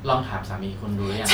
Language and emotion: Thai, neutral